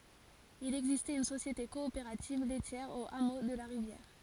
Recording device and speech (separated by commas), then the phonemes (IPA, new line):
forehead accelerometer, read sentence
il ɛɡzistɛt yn sosjete kɔopeʁativ lɛtjɛʁ o amo də la ʁivjɛʁ